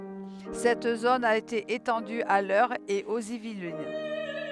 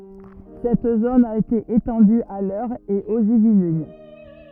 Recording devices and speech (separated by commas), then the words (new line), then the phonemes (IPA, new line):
headset microphone, rigid in-ear microphone, read sentence
Cette zone a été étendue à l'Eure et aux Yvelines.
sɛt zon a ete etɑ̃dy a lœʁ e oz ivlin